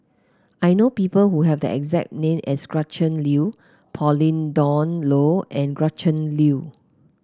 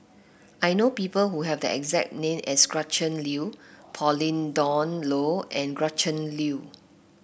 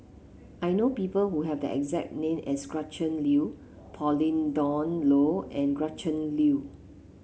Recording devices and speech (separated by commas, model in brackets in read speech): close-talking microphone (WH30), boundary microphone (BM630), mobile phone (Samsung C7), read sentence